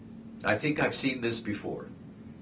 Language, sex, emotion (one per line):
English
male
neutral